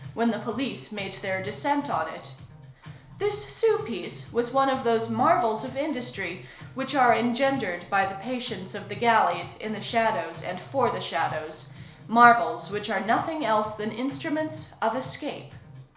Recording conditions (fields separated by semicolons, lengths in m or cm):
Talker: one person; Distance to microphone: 1.0 m; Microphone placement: close; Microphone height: 1.1 m; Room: small (3.7 m by 2.7 m); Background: music